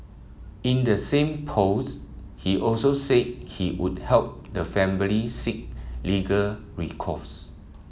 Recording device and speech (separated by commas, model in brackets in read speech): mobile phone (iPhone 7), read sentence